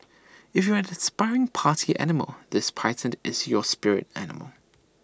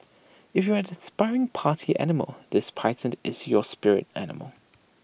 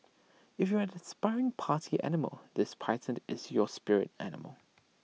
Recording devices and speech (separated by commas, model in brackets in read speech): standing microphone (AKG C214), boundary microphone (BM630), mobile phone (iPhone 6), read sentence